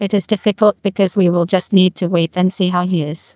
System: TTS, neural waveform model